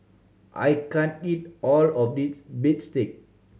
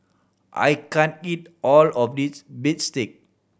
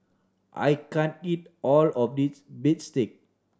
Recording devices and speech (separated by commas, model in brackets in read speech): mobile phone (Samsung C7100), boundary microphone (BM630), standing microphone (AKG C214), read sentence